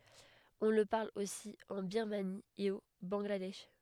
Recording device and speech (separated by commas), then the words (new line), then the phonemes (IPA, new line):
headset microphone, read sentence
On le parle aussi en Birmanie et au Bangladesh.
ɔ̃ lə paʁl osi ɑ̃ biʁmani e o bɑ̃ɡladɛʃ